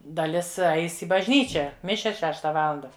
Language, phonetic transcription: Lithuanian, daˈlis ˈais i bažˈnyčia ˈmišias ˈšešta ˈvalanda

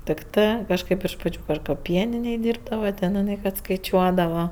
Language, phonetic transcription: Lithuanian, tikˈtɜ kažˈkɜp iš ˈpačiu ˈpradž kad ˈpieninėj ˈdyrbdava ten iˈnɜ kad skaiˈčiuodava

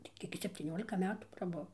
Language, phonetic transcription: Lithuanian, tai ˈkiek ji septyˈniolika ˈmetų praˈbuv

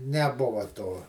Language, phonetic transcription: Lithuanian, neˈbuva to

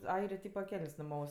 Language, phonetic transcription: Lithuanian, ˈairė ˈtypa ˈkeln's' nuˈmaus

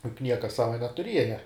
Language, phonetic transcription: Lithuanian, kaip ˈnieka ˈsava netuˈrieja

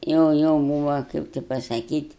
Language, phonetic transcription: Lithuanian, ˈjau ˈjau ˈbūva ˈkaip ti pasaˈkyt'

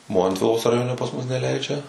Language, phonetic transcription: Lithuanian, ˈmontvilos raˈjone pas mus neˈleidžia

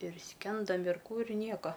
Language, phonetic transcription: Lithuanian, ir ˈskendom ir ˈkų ir ˈnieka

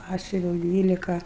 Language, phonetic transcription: Lithuanian, ˈpasiuviau ˈdvylika

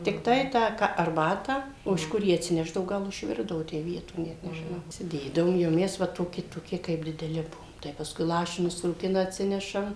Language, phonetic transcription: Lithuanian, tikˈtai ˈtą ka arˈbatą o iš ˈkur ˈją atsiˈneždavo ˈgal išˈvirdavo ˈtę ˈvieto net nežiˈnau įsiˈdėdavom jau ˈmes ˈva toˈki toˈki kaip dideˈli ˈbuvom tai pasˈkui ˈlašinius rūˈkina atˈsinešam

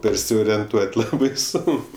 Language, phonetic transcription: Lithuanian, persiorienˈtuot' ˈlabai ˈsonk

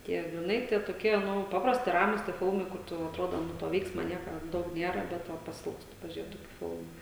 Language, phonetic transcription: Lithuanian, ˈtie griˈnai tie toˈkie ˈnu ˈpaprasti ˈramus tie ˈfilmai ˈkur tu atˈrodo ˈnu to ˈveiksma ˈnieka ˈdaug ˈniera ˈbet va paˈsilgstu pažiuˈrėt ˈtokiu ˈfilmu

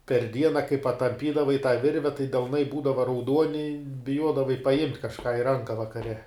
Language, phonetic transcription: Lithuanian, per ˈdiena kai patamˈpydavai tą ˈvirve tai delˈnai ˈbūdava rauˈduoni biˈjuodavai paˈjimt' kažˈką i ˈranka vakaˈre

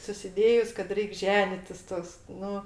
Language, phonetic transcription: Lithuanian, susiˈdėjus kad ˈreik' ˈženitis ˈtoks ˈnu

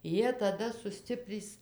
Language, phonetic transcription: Lithuanian, ˈjie taˈda suˈstiprys

